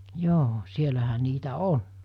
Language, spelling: Finnish, joo siellähän niitä on
- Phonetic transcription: 'joo , 'sielähä niitä "on .

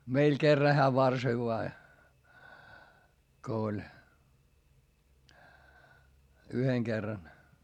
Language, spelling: Finnish, meillä kerran hän varsoi vain kun oli yhden kerran
- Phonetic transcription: meil kerra heä varsoi voa , ko oĺ , yheŋ Gerran .

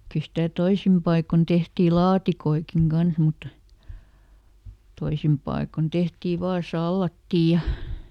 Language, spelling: Finnish, kyllä sitä toisin paikoin tehtiin laatikoitakin kanssa mutta toisin paikoin tehtiin vain salaattia ja
- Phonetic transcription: ˈkyˡ stä ˈtoisim ˈpaikon ˈtehtii "laatikoikiŋ ˈGans mutta , ˈtoisim ˈpaikon "tehtii ˈvaa "sallattii ja ,.

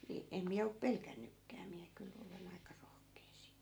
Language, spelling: Finnish, niin en minä ole pelännytkään minä kyllä olen aika rohkea siitä
- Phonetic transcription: ni , em 'miä op "pelkännykkää miä kyl , 'ole'n ‿aika rohkee siit .

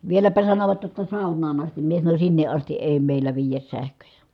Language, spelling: Finnish, vieläpä sanoivat jotta saunaan asti minä sanoin sinne asti ei meillä viedä sähköjä
- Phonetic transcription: vieläpä sanovat jotta » sàu̬n̆naan ‿astim » mie sanoń » sinneʼ ʼasti ʼèi̮ mèil̀ä viijäs sähköjä .

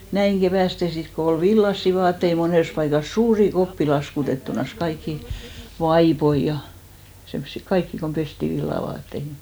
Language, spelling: Finnish, näin keväästi sitten kun oli villaisia vaatteita monessa paikassa suuria koppia laskutettuna kaikkia vaippoja ja semmoisia kaikkia kun pestiin villavaateita
- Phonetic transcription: näiŋ 'ɢevä̀ste 'sit ko 'ol "villassi 'vaattei 'monès paikas , "suuri 'koppi 'laskutettunas , kaikki , "vaipoi ja , semssi "kaikki kom 'pesti 'villavaatteihi .

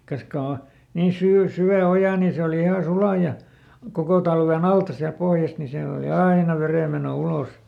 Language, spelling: Finnish, kas kun on niin - syvä oja niin se oli ihan sula ja koko talven alta sieltä pohjasta niin siellä oli aina vedenmeno ulos
- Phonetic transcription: ˈkas ko o , nii ˈsyy- , ˈsy₍ä ˈoja ni ˈse oli iha ˈsula ja , ˈkoko talveˈn ‿alta siälᵗ ˈpohjast ni ˈsiäl ‿oli "aina ˈverèmeno ˈulos .

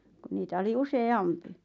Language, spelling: Finnish, kun niitä oli useampi
- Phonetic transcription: ku 'niitä oli 'use₍"ampi .

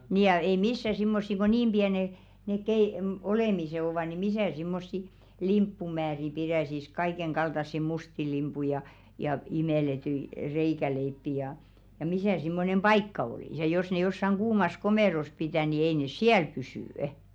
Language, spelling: Finnish, niin ja ei missä semmoisia kun niin pienet ne - - olemiset ovat niin missä semmoisia limppumääriä pitäisi kaiken kaltaisia mustia limppuja ja ja imellettyjä reikäleipiä ja ja missä semmoinen paikka olisi ja jos ne jossakin kuumassa komerossa pitää niin ei ne siellä pysy
- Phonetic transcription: nii ja 'ei "missä simmossi ko "niim 'ʙiene , nèk kei- , m- 'olèmisè ovà ni "misä̀ simmossi "limppumääri 'pirä̀sis "kaikeŋ kaltassi 'musti limpui ja , ja 'imèletyi , 'reikäleippi jà , ja 'misä̀ simmonem "ʙaikka olìs ja 'jos ne jossaŋ 'ɢuumas "komèros 'pitä̀ ni ei nes "siäl 'pysỳ' .

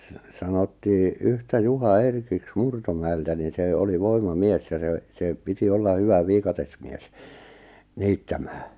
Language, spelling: Finnish, sanottiin yhtä Juha Erkiksi Murtomäeltä niin se oli voimamies ja se se piti olla hyvä viikatemies niittämään
- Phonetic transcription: sanottii , yhtä 'Juha "Erkiks 'Murtomäeltä nin̬ 'se 'oli 'voima'mies ja se , se 'piti 'olla 'hyvä 'viikatesmies , 'niittämää .

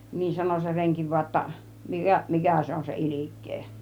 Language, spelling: Finnish, niin sanoi se renki vain jotta - mikä se on se ilkeä
- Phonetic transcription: nin 'sano se 'reŋki voa ‿tta , » 'mi- , "mikä̀ se on se "ilik̆kee « .

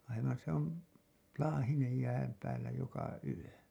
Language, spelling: Finnish, aivan se on laahinen jään päällä joka yö
- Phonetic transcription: aivan se ‿on , 'laahinej jääm päällä joka 'yö .

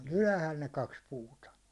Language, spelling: Finnish, ne oli ylhäällä ne kaksi puuta
- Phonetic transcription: ne oĺ "ylähäl ne kaks 'puuta .

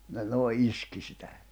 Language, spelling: Finnish, ne noin iski sitä
- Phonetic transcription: ne nòi̬ 'iski sitä .

